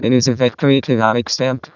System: VC, vocoder